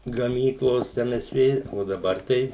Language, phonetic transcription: Lithuanian, gaˈmyklos ˈem ˈes ˈvė o daˈbar ˈtai

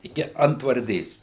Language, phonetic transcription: Lithuanian, iˈki antvarˈdės

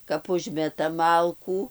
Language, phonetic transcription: Lithuanian, kap ˈužmetam ˈmalkų

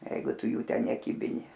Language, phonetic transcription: Lithuanian, ˈjeigu ˈtu ˈjų ˈten neˈkybini

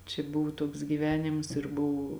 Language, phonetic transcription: Lithuanian, čia ˈbuvu ˈtuoks gyˈvenims ir ˈbuvu

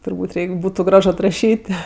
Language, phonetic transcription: Lithuanian, turˈbūt' ˈreik' ˈbūtu ˈgraž atraˈšyt'

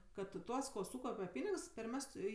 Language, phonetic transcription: Lithuanian, ˈkad ˈtuos ko ˈsūkaupe ˈpynigs perˈmestu i

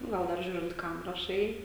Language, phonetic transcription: Lithuanian, ˈgal dar ˈžiūrint ˈkam raˈšai

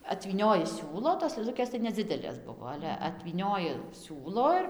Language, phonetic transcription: Lithuanian, atvyˈnioji ˈsiūlo tos lɘˈlukės tai neˈdzidelės ˈbuvo ˈale atvyˈnioji ˈsiūlo ir

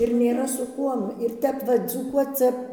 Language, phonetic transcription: Lithuanian, ir nėˈra su ˈkuom ir ˈtep ˈva dzūˈkuoc ˈcia

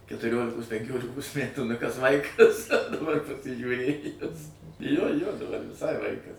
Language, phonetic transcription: Lithuanian, ketuˈriolikos penˈkiolikos ˈmætų nu kas ˈvaikas daˈbar pasižiūˈrėjus jo jo daˈbar viˈsai ˈvaikas

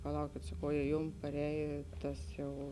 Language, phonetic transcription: Lithuanian, paˈlaukėt saˈkau ja ˈjum paˈrējė ˈtas jau

